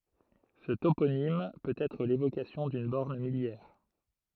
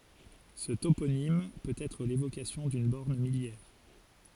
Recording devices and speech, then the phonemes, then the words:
throat microphone, forehead accelerometer, read sentence
sə toponim pøt ɛtʁ levokasjɔ̃ dyn bɔʁn miljɛʁ
Ce toponyme peut être l'évocation d'une borne milliaire.

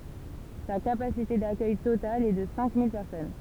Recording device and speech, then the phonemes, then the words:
temple vibration pickup, read sentence
sa kapasite dakœj total ɛ də sɛ̃ mil pɛʁsɔn
Sa capacité d'accueil totale est de cinq mille personnes.

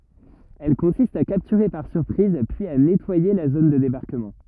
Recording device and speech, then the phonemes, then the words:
rigid in-ear microphone, read sentence
ɛl kɔ̃sist a kaptyʁe paʁ syʁpʁiz pyiz a nɛtwaje la zon də debaʁkəmɑ̃
Elle consiste à capturer par surprise puis à nettoyer la zone de débarquement.

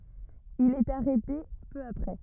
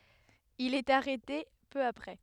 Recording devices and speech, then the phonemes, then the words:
rigid in-ear microphone, headset microphone, read sentence
il ɛt aʁɛte pø apʁɛ
Il est arrêté peu après.

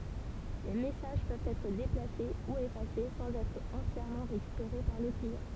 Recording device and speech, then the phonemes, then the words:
temple vibration pickup, read sentence
le mɛsaʒ pøvt ɛtʁ deplase u efase sɑ̃z ɛtʁ ɑ̃tjɛʁmɑ̃ ʁekypeʁe paʁ lə kliɑ̃
Les messages peuvent être déplacés ou effacés sans être entièrement récupérés par le client.

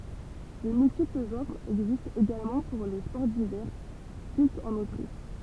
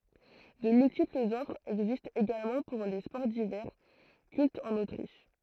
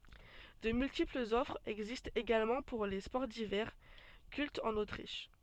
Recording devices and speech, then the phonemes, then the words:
temple vibration pickup, throat microphone, soft in-ear microphone, read sentence
də myltiplz ɔfʁz ɛɡzistt eɡalmɑ̃ puʁ le spɔʁ divɛʁ kyltz ɑ̃n otʁiʃ
De multiples offres existent également pour les sports d'hiver, cultes en Autriche.

